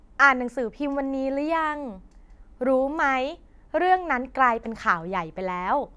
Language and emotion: Thai, happy